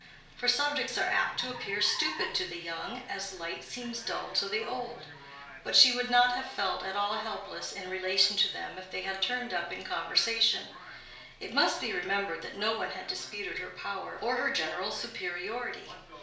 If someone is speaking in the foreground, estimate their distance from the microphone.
1.0 m.